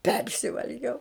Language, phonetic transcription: Lithuanian, ˈpersivalgiau

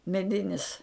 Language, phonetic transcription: Lithuanian, meˈdinis

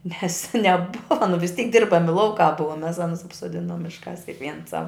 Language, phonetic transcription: Lithuanian, nes neˈbuva nu vis tyk ˈdirbami ˈlaukā ˈbua mes ˈanus apsoˈdinom ˈmiškās kikˈviens sav

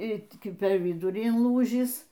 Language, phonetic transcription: Lithuanian, y per viˈdurį inˈlūžįs

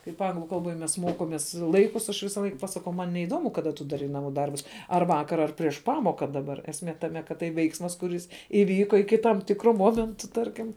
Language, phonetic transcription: Lithuanian, kaip ˈanglu kalˈboj mes ˈmokomės ˈlaikus aš ˈvisaˈlaik pasaˈkau ˈman neiˈdomu kaˈda tu daˈrai naˈmų ˈdarbus ar ˈvakar ar prieš ˈpamoka daˈbar esˈmė taˈme kad ˈtai ˈveiksmas kuˈris iˈvyko iki tam ˈtikro ˈmomentu ˈtarkim

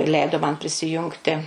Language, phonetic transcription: Lithuanian, ˈleido man prisiˈjungti

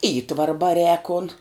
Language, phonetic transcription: Lithuanian, ˈįtvara baˈrēk kon

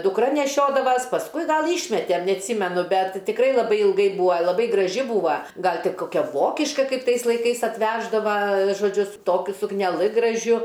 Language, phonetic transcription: Lithuanian, dukˈra neˈšiodavas pasˈkui ˈgal ˈyšmetem neatˈsymenu ˈbet tikˈrai laˈbai ilˈgai ˈbūa laˈbai graˈži ˈbūva ˈgal ˈti ˈkokia ˈvokiška ˈkaip ˈtais laiˈkais atˈveždava žoˈdžiu su ˈtokiu sukneˈlɨ graˈžiu

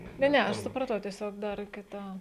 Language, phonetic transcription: Lithuanian, ˈne ˈne ˈaš supraˈtau tieˈsiog ˈdar kiˈta

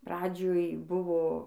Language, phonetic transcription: Lithuanian, ˈpradžioj ˈbuvo

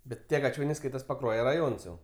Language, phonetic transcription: Lithuanian, ˈbet tie gaˈčioniai ˈskaitas paˈkruoje raˈjons jau

